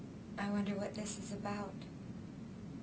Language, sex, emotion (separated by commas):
English, female, fearful